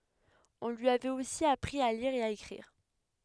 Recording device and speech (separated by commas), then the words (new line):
headset microphone, read sentence
On lui avait aussi appris à lire et à écrire.